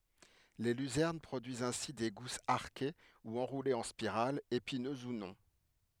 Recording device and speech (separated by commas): headset microphone, read sentence